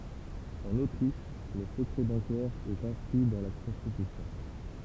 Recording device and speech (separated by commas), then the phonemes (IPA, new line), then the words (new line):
temple vibration pickup, read sentence
ɑ̃n otʁiʃ lə səkʁɛ bɑ̃kɛʁ ɛt ɛ̃skʁi dɑ̃ la kɔ̃stitysjɔ̃
En Autriche, le secret bancaire est inscrit dans la constitution.